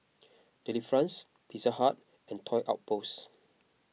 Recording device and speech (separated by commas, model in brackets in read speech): mobile phone (iPhone 6), read sentence